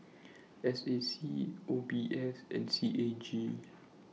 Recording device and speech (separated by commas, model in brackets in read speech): mobile phone (iPhone 6), read sentence